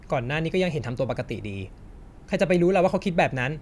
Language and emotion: Thai, frustrated